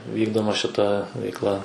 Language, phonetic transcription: Lithuanian, ˈvykdoma šiˈta veikˈla

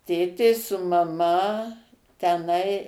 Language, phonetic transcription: Lithuanian, ˈtėtė su maˈma teˈnai

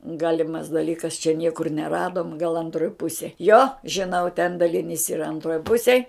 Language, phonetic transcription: Lithuanian, ˈgalimas daˈlykas čia ˈniekur neˈradom gal anˈtroj ˈpusėj jo žiˈnau ten daliˈnys yˈra anˈtroj ˈpusėj

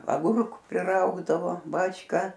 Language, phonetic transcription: Lithuanian, aˈgurku priˈraugdavo ˈbačˈka

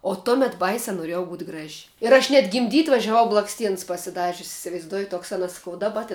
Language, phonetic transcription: Lithuanian, o ˈtomet ˈbaisiā noˈriejau būt' ˈgraž' ir ˈaš net gimˈdyt' važiaˈvau blaksˈtiens pasiˈdažius isivaizˈduoji ˈtoks anˈas saˈkau daˈba tin

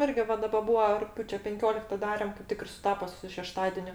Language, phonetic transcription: Lithuanian, ˈirgi ˈva ˈdaba ˈbūa rugˈpjūče penˈkiolikta ˈdarem kaip ˈtik ir suˈtapo su šeˈštadeniu

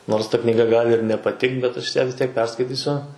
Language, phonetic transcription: Lithuanian, ˈnors ta knyˈga ˈgali ir nepaˈtikt bet ˈaš ją vis ˈtiek ˈperskaitysiu

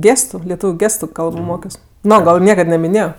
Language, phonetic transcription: Lithuanian, ˈgėstu leˈtūviu ˈgėstu ˈkalbo ˈmokios ˈno gal ˈniekad namiˈnėjo

